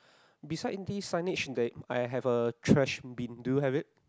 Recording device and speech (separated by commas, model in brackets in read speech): close-talking microphone, conversation in the same room